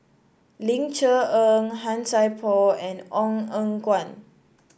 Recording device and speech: boundary microphone (BM630), read sentence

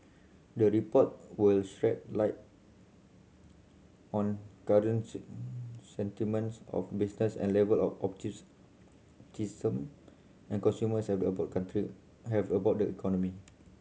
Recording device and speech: mobile phone (Samsung C7100), read sentence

